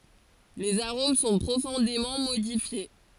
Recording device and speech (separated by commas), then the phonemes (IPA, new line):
forehead accelerometer, read sentence
lez aʁom sɔ̃ pʁofɔ̃demɑ̃ modifje